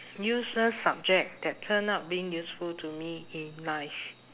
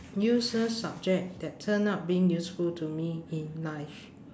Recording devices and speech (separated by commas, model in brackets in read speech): telephone, standing microphone, conversation in separate rooms